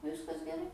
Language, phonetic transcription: Lithuanian, ˈviskas geˈrai

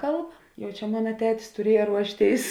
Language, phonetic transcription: Lithuanian, ˈkalb ˈjau ˈčia ˈmuna ˈtetis tuˈrieja ˈruošˌtėis

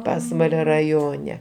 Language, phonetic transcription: Lithuanian, ˈpasvalio raˈjone

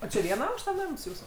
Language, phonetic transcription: Lithuanian, o či ˈviena ˈaukšta ˈnams ˈjūsu

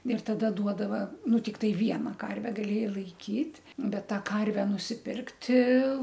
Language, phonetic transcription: Lithuanian, ir taˈda ˈduodava ˈnu tikˈtai ˈviena ˈkarve gaˈlėjai laiˈkyt' ˈbet ˈtą ˈkarve nusiˈpirkti

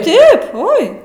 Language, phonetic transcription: Lithuanian, ˈtaip ˈoi

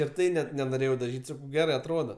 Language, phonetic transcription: Lithuanian, ir ˈtai net nenoˈrėjau daˈžyt' ˈsakau ˈgerai atˈrodo

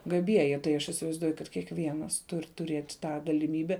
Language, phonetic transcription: Lithuanian, gaˈbieji tai ˈaš isivaizˈduoju kad kiekˈvienas ˈtur' tuˈrėt' ˈtą galiˈmybe

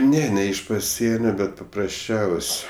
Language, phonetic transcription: Lithuanian, ˈne ne iš paˈsienio ˈbet paprasˈčiaus'

